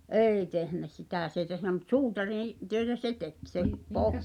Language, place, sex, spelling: Finnish, Pihtipudas, female, ei tehnyt sitä se ei tehnyt mutta suutariin töitä se teki se -
- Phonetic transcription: ’èi tehnä 'sitä̀ s ‿ei tehnä mut "suutariḭ , töetä se 'tek , se , 'poh-

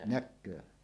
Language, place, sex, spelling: Finnish, Suomussalmi, male, näkee
- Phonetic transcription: näk̆köö .

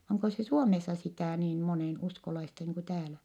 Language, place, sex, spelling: Finnish, Vittanki, female, onko se Suomessa sitä niin monenuskolaista niin kuin täällä
- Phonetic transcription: oŋko se Suomessa sitä̀ niin monèn₍uskolaista niiŋ ku täälä ?

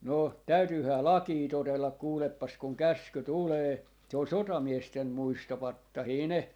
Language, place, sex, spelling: Finnish, Jaala, male, no täytyyhän lakia totella kuulepas kun käsky tulee se on sotamiesten muistopatsaita ne
- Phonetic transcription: no , 'täytyyhää "lakii 'totellak 'kuuleppas kuŋ "käsky 'tulee , se on "sotamiesten "muistopattahii 'ne .

